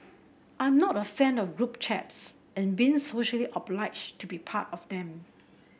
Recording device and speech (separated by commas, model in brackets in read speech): boundary microphone (BM630), read sentence